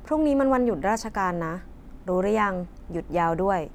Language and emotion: Thai, neutral